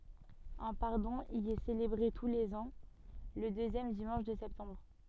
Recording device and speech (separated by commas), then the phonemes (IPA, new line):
soft in-ear microphone, read sentence
œ̃ paʁdɔ̃ i ɛ selebʁe tu lez ɑ̃ lə døzjɛm dimɑ̃ʃ də sɛptɑ̃bʁ